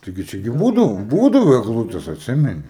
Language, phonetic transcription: Lithuanian, ˈtaigi ˈčia gi ˈbūdavo ˈbūdavo egˈlutes atˈsimeni

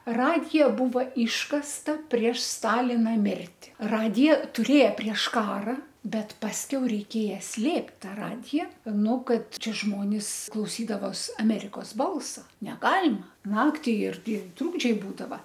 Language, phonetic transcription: Lithuanian, ˈradija ˈbūva ˈyškasta prieš ˈstalina ˈmirti ˈradijo tuˈrėja prieš ˈkara bet pasˈkiau reiˈkėja ˈslėpt' ˈta ˈradija ˈnu ˈkad ˈčia ˈžmonis klauˈsydavos aˈmerikos ˈbalsa neˈgalima ˈnakti ˈirgi ˈtrūkdžiai ˈbūdava

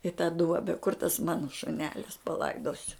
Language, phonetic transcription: Lithuanian, i tą ˈduobe kur tas ˈmana šuˈnelis paˈlaidosiu

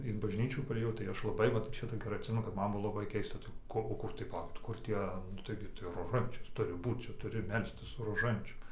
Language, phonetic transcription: Lithuanian, in bažˈnyčių parėˈjau tai ˈaš laˈbai ˈvat ˈčia tai geˈrai atˈsimenu kad ˈman ˈbuvo laˈbai ˈkeista tai ˈko o ˈkur tai paˈlaukit ˈkur ˈtie nu ˈtaigi tai roˈžančius ˈturi ˈbūt ˈčia ˈturi ˈmelstis su roˈžančium

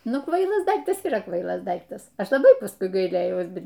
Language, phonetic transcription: Lithuanian, ˈnu ˈkvailas ˈdaiktas yˈra ˈkvailas ˈdaiktas ˈaš laˈbai pasˈkui gaiˈlėjaus ˈbet

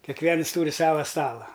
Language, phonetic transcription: Lithuanian, keˈkviens ˈtūri ˈsava ˈstala

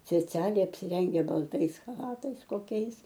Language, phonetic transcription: Lithuanian, speˈcialiai apsiˈrengę balˈtais chaˈlatais koˈkiais

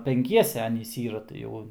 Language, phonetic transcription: Lithuanian, penˈkiese ˈanys ˈyra tai ˈjau

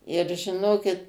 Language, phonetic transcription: Lithuanian, ir žiˈnokit

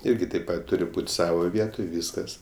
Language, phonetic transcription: Lithuanian, ˈirgi taip ˈpat ˈturi ˈbūt' ˈsavo ˈvietoj ˈvyskas

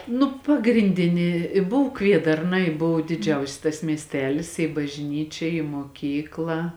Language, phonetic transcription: Lithuanian, ˈnu pagrinˈdini i ˈbuv ˈkviedarna i ˈbuv diˈdžiausis tas miesˈtelis i bažˈnyčia i moˈkykla

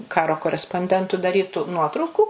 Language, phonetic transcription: Lithuanian, ˈkaro koresponˈdentu daˈrytu ˈnuotraukų

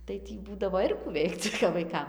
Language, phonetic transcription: Lithuanian, tai ˈtį ˈbūdavo ˈir kų ˈveikc kap vaiˈkam

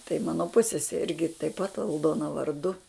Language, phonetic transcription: Lithuanian, tai ˈmano ˈpussese ˈirgi taip pat alˈdona varˈdu

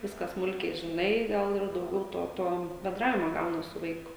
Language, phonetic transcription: Lithuanian, ˈviską ˈsmulkiai žiˈnai ˈgal ir dauˈgiau ˈto ˈto benˈdravimo ˈgaunas su ˈvaiku

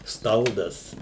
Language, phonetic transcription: Lithuanian, ˈstaldas

